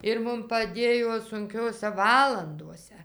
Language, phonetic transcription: Lithuanian, ir ˈmum paˈdėjo sunˈkiose ˈvalandose

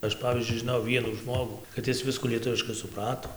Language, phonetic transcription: Lithuanian, ˈaš ˈpavyzdžiui žiˈnojau ˈvienų ˈžmogų kad ˈis ˈviskų lieˈtuviškai suˈprato

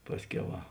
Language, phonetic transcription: Lithuanian, ˈpasˌkiau ˈva

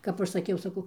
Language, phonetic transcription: Lithuanian, ˈkap aš saˈkiau saˈkau

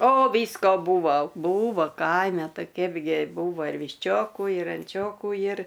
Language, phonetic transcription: Lithuanian, o ˈvysko ˈbūvo ˈbūvo ˈkaime ˈtai ˈkeipgi ˈbūva ir višˈčiokų ir anˈčiokų jir

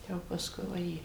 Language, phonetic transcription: Lithuanian, ˈjau pasˈkui vaˈjė

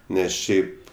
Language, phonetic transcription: Lithuanian, ˈnes ˈšiaip

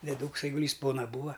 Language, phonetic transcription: Lithuanian, deˈdūks aiguˈlys ˈpona ˈbūa

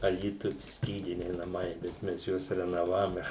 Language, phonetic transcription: Lithuanian, aˈlytuj ˈskydiniai naˈmai bet ˈmes ˈjuos renoˈvavome

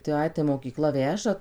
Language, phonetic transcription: Lithuanian, tai ˈai tai mokyˈkla ˈveža

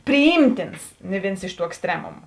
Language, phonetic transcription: Lithuanian, priˈjymtins ni ˈvėns iš ˈtų eksˈtremumu

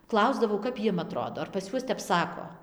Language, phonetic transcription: Lithuanian, ˈklausdavau kap ˈjiem aˈtrodo ar pas ˈjuos tep ˈsako

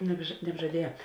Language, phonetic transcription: Lithuanian, nebža nebžaˈdieja

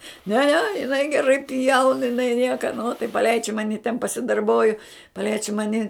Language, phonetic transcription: Lithuanian, ne ne jiˈnai geˈrai pjaun jiˈnai ˈnieka no tai paˈleidž' ˈmani ten pasidarˈboju paˈleidž' ˈmani

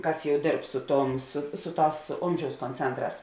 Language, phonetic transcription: Lithuanian, ˈkas ˈjau ˈdėrb ˈsu ˌtuom su ˈsu ˌtās ˈomžiaus konˈcentˌrās

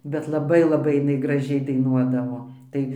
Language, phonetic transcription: Lithuanian, bet laˈbai laˈbai iˈnai graˈžiai daiˈnuodavo ˈtai

